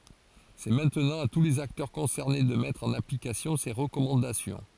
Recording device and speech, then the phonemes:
forehead accelerometer, read sentence
sɛ mɛ̃tnɑ̃ a tu lez aktœʁ kɔ̃sɛʁne də mɛtʁ ɑ̃n aplikasjɔ̃ se ʁəkɔmɑ̃dasjɔ̃

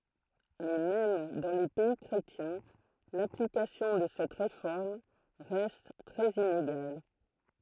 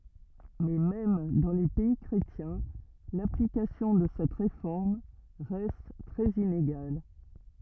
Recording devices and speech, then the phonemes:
throat microphone, rigid in-ear microphone, read sentence
mɛ mɛm dɑ̃ le pɛi kʁetjɛ̃ laplikasjɔ̃ də sɛt ʁefɔʁm ʁɛst tʁɛz ineɡal

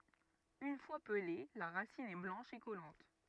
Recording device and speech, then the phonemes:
rigid in-ear microphone, read sentence
yn fwa pəle la ʁasin ɛ blɑ̃ʃ e kɔlɑ̃t

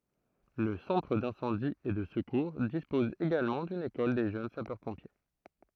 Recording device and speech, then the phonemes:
throat microphone, read sentence
lə sɑ̃tʁ dɛ̃sɑ̃di e də səkuʁ dispɔz eɡalmɑ̃ dyn ekɔl de ʒøn sapœʁpɔ̃pje

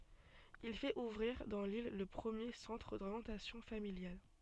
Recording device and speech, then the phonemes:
soft in-ear microphone, read sentence
il fɛt uvʁiʁ dɑ̃ lil lə pʁəmje sɑ̃tʁ doʁjɑ̃tasjɔ̃ familjal

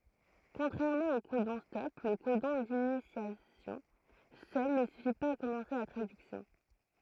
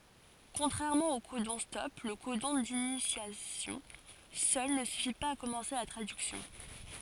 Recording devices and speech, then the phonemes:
throat microphone, forehead accelerometer, read sentence
kɔ̃tʁɛʁmɑ̃ o kodɔ̃stɔp lə kodɔ̃ dinisjasjɔ̃ sœl nə syfi paz a kɔmɑ̃se la tʁadyksjɔ̃

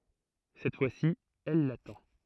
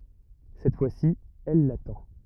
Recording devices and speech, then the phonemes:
throat microphone, rigid in-ear microphone, read sentence
sɛt fwasi ɛl latɑ̃

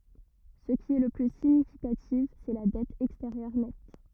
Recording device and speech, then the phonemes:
rigid in-ear microphone, read sentence
sə ki ɛ lə ply siɲifikatif sɛ la dɛt ɛksteʁjœʁ nɛt

